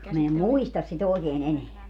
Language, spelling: Finnish, minä en muista sitä oikein enää
- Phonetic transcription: min ‿em "muistas si't ‿òekeen 'eneä .

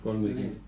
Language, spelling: Finnish, kolmekymmentä -
- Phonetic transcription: 'kolmekynt vua- .

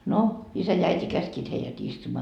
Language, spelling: Finnish, no isä ja äiti käskivät heidät istumaan
- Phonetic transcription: no , 'isä ja 'äiti "käskiit heijät 'istumaa .

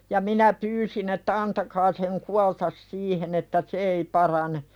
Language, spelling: Finnish, ja minä pyysin että antakaa sen kuolla siihen että se ei parane
- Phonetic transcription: ja minä 'pyysin ‿että » 'antakaa seŋ "kualtas 'siihen « että » "se ei 'parane « .

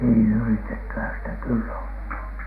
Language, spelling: Finnish, niin yritettyhän sitä kyllä on
- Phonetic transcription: nii , yritettyhän sitä kyllä on .

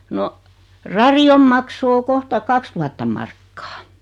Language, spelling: Finnish, no radion maksu on kohta kaksituhatta markkaa
- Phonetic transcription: 'no , 'rari₍om makso o 'kohta "kakstuhattam 'markkaa .

